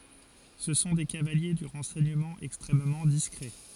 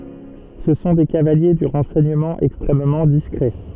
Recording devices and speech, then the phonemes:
forehead accelerometer, soft in-ear microphone, read sentence
sə sɔ̃ de kavalje dy ʁɑ̃sɛɲəmɑ̃ ɛkstʁɛmmɑ̃ diskʁɛ

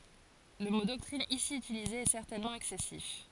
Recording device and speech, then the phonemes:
forehead accelerometer, read sentence
lə mo dɔktʁin isi ytilize ɛ sɛʁtɛnmɑ̃ ɛksɛsif

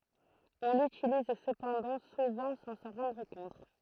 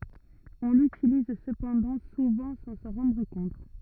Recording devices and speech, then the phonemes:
throat microphone, rigid in-ear microphone, read sentence
ɔ̃ lytiliz səpɑ̃dɑ̃ suvɑ̃ sɑ̃ sɑ̃ ʁɑ̃dʁ kɔ̃t

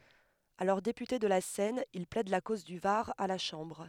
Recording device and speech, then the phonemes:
headset microphone, read sentence
alɔʁ depyte də la sɛn il plɛd la koz dy vaʁ a la ʃɑ̃bʁ

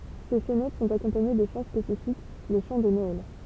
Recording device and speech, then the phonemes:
temple vibration pickup, read sentence
se sɛnɛt sɔ̃t akɔ̃paɲe də ʃɑ̃ spesifik le ʃɑ̃ də nɔɛl

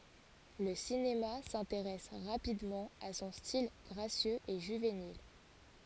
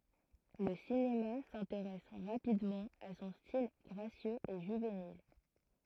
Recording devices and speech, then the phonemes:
forehead accelerometer, throat microphone, read sentence
lə sinema sɛ̃teʁɛs ʁapidmɑ̃ a sɔ̃ stil ɡʁasjøz e ʒyvenil

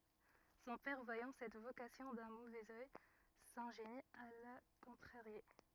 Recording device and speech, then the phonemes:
rigid in-ear microphone, read sentence
sɔ̃ pɛʁ vwajɑ̃ sɛt vokasjɔ̃ dœ̃ movɛz œj sɛ̃ʒeni a la kɔ̃tʁaʁje

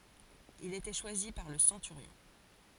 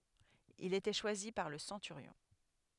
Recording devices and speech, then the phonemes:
forehead accelerometer, headset microphone, read sentence
il etɛ ʃwazi paʁ lə sɑ̃tyʁjɔ̃

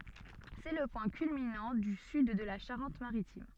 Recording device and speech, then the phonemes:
soft in-ear microphone, read sentence
sɛ lə pwɛ̃ kylminɑ̃ dy syd də la ʃaʁɑ̃tmaʁitim

